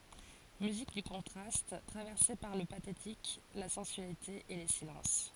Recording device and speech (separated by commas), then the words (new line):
forehead accelerometer, read sentence
Musique du contraste, traversée par le pathétique, la sensualité et les silences.